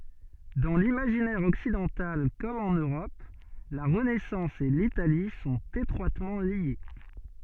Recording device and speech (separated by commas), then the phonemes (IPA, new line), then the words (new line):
soft in-ear microphone, read sentence
dɑ̃ limaʒinɛʁ ɔksidɑ̃tal kɔm ɑ̃n øʁɔp la ʁənɛsɑ̃s e litali sɔ̃t etʁwatmɑ̃ lje
Dans l’imaginaire occidental comme en Europe, la Renaissance et l'Italie sont étroitement liées.